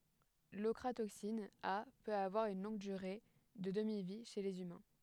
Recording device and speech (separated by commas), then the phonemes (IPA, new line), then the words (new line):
headset microphone, read sentence
lɔkʁatoksin a pøt avwaʁ yn lɔ̃ɡ dyʁe də dəmivi ʃe lez ymɛ̃
L'ochratoxine A peut avoir une longue durée de demi-vie chez les humains.